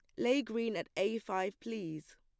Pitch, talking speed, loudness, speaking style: 215 Hz, 185 wpm, -36 LUFS, plain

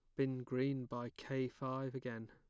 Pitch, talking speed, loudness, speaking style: 130 Hz, 170 wpm, -42 LUFS, plain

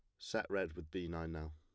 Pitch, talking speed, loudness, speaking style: 80 Hz, 270 wpm, -42 LUFS, plain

